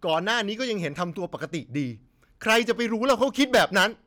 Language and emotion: Thai, angry